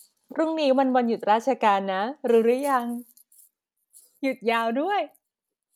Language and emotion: Thai, happy